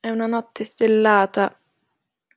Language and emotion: Italian, sad